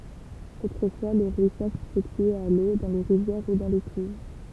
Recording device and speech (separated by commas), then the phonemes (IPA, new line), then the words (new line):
temple vibration pickup, read sentence
otʁəfwa lə ʁwisaʒ sefɛktyɛt a lo dɑ̃ le ʁivjɛʁ u dɑ̃ de kyv
Autrefois, le rouissage s'effectuait à l'eau, dans les rivières ou dans des cuves.